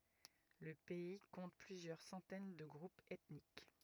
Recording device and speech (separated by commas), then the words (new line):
rigid in-ear microphone, read sentence
Le pays compte plusieurs centaines de groupes ethniques.